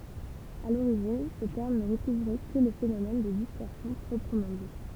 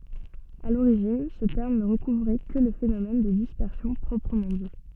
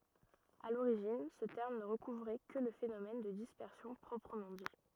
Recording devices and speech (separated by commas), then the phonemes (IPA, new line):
temple vibration pickup, soft in-ear microphone, rigid in-ear microphone, read sentence
a loʁiʒin sə tɛʁm nə ʁəkuvʁɛ kə lə fenomɛn də dispɛʁsjɔ̃ pʁɔpʁəmɑ̃ di